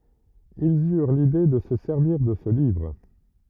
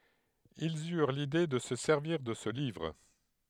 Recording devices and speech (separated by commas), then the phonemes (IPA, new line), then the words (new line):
rigid in-ear microphone, headset microphone, read sentence
ilz yʁ lide də sə sɛʁviʁ də sə livʁ
Ils eurent l'idée de se servir de ce livre.